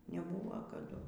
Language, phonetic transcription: Lithuanian, neˈbūva kaˈdu

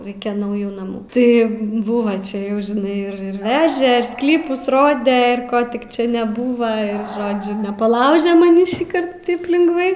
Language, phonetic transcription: Lithuanian, ˈraikia nauˈjų naˈmų tai ˈbuva ˈčia ˈjau žiˈnai ir ir ˈveže ir ˈsklypus ˈrode ir ˈko tik ˈčia neˈbūva ir ˈžodžiu nepaˈlaužia maˈnį šįˈkart ˈtaip lingˈvai

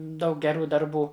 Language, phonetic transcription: Lithuanian, ˈdaug geˈrų darˈbų

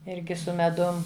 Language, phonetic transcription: Lithuanian, ˈirgi su meˈdum

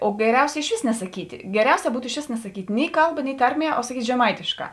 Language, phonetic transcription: Lithuanian, o geˈriausia išˈvės nesaˈkyti geˈriausia ˈbūtu išˈvės nesaˈkyt' ˈni ˈkalˌba ni ˈtarˌmie o saˈkyt' žeˈmaitėšˌkā

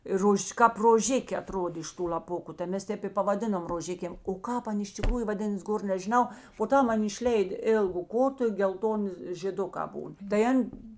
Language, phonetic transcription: Lithuanian, i ˈrož' kāp roˈžikė aˈtrodė iš ˈtų l'aˈpuku tai ˈmes ˈtep i pavaˈdinom roˈžikėm o ˈkāp ˈan iš tikˈrųju vaˈdinas ˈgor nežiˈnau po ˈtam ˈan išˈleid ˈėlgu ˈkotu i gelˈtoni žėˈdukā ˈbūn tai ˈan'

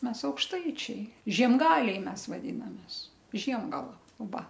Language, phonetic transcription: Lithuanian, ˈmes aukšˈtaičiai žiemˈgaliai ˈmes vaˈdynamės ˈžiemgala ˈva

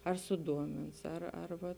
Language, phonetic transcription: Lithuanian, ar suˈduomins ar ar ˈva

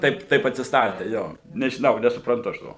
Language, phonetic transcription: Lithuanian, ˈtaip ˈtaip atsisˈtatė ˈjo nežiˈnau nesupranˈtu aš ˈto

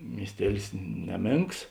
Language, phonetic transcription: Lithuanian, miesˈtielis ˈneˌmėnks

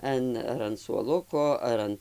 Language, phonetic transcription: Lithuanian, ˈan ar an suoˈluko ˈar an

